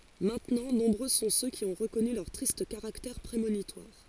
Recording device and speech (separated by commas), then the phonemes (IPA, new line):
forehead accelerometer, read sentence
mɛ̃tnɑ̃ nɔ̃bʁø sɔ̃ sø ki ɔ̃ ʁəkɔny lœʁ tʁist kaʁaktɛʁ pʁemonitwaʁ